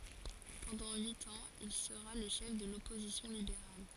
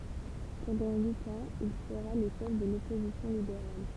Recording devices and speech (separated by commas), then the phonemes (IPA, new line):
forehead accelerometer, temple vibration pickup, read sentence
pɑ̃dɑ̃ yit ɑ̃z il səʁa lə ʃɛf də lɔpozisjɔ̃ libeʁal